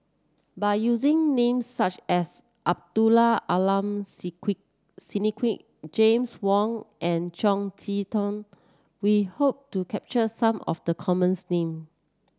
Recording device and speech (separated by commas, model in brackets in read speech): standing microphone (AKG C214), read sentence